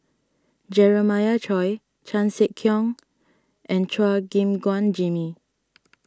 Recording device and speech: standing microphone (AKG C214), read sentence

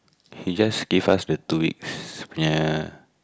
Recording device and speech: close-talking microphone, conversation in the same room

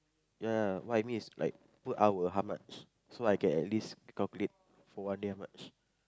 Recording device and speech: close-talking microphone, conversation in the same room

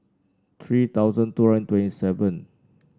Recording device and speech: standing microphone (AKG C214), read sentence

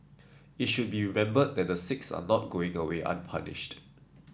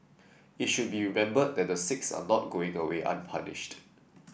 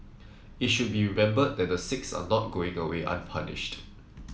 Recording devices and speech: standing microphone (AKG C214), boundary microphone (BM630), mobile phone (iPhone 7), read sentence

